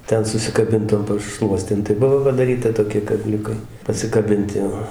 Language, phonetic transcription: Lithuanian, ˈten susikaˈbint tom paˈšluostėm tai ˈbuvo padaˈryta toˈkie kaˈbliukai pasikaˈbinti jo

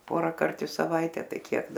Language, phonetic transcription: Lithuanian, ˈporakart i saˈvaite ˈtai ˈkiek

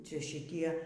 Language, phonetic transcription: Lithuanian, ˈčia šiˈtie

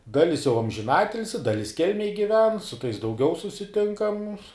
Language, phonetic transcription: Lithuanian, ˈdalis jau amžiˈnatilsi ˈdalis ˈkelmej giˈven su tais dauˈgiau susiˈtinkam

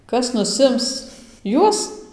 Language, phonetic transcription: Lithuanian, ˈkas nuˈsims ˈjuos

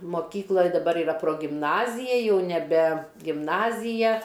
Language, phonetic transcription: Lithuanian, moˈkykla daˈbar iˈra progimˈnazija jau neˈbe gimˈnazija

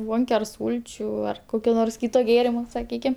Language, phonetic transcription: Lithuanian, ˈbonke ar ˈsūlčių ar ˈkokio nors ˈkyito ˈgėrimo saˈkykim

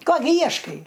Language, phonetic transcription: Lithuanian, ˈko gi ˈjieškai

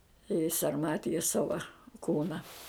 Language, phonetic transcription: Lithuanian, i sarˈmatijas ˈsava ˈkūna

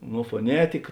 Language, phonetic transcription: Lithuanian, no foˈnetika

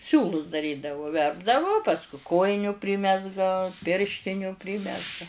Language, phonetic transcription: Lithuanian, ˈsiūlus daˈrydavu ˈverpdavu ˈpasku ˈkojiniu ˈprimezga ˈpirštiniu ˈprimezga

